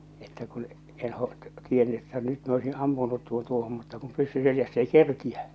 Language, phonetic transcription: Finnish, että kun , en ho- , 'tienny että nyt mi ‿oisin 'ampunut 'tuon 'tuohom mutta kum 'pyssy 'seljäs's ‿ei "kerkiä !
- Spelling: että kun en - tiennyt että nyt minä olisin ampunut tuon tuohon mutta kun pyssy selässä ei kerkiä

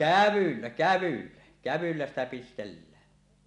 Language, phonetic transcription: Finnish, kävyllä , 'kävyllä , 'kävyllä ‿stä pistellää .
- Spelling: kävyllä kävyllä kävyllä sitä pistellään

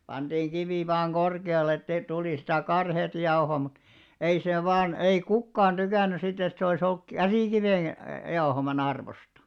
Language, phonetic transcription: Finnish, panᴅiiŋ 'ɢivì vaaŋ 'ɢorke₍al̆le ettei 'tulì sitä 'karheet 'jaohò mut , 'ei 'sè vaan , 'ei "kukkaan 'ᴅykän̆ny sit ‿et se oˡi's ‿olk "käsìkiven , jaohoma'n ‿arvosta .
- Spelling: pantiin kivi vain korkealle että ei tuli sitä karheata jauhoa mutta ei se vain ei kukaan tykännyt sitten että se olisi ollut käsikiven jauhaman arvosta

